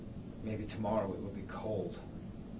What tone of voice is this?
neutral